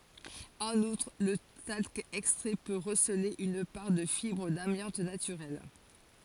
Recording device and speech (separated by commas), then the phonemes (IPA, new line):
forehead accelerometer, read sentence
ɑ̃n utʁ lə talk ɛkstʁɛ pø ʁəsəle yn paʁ də fibʁ damjɑ̃t natyʁɛl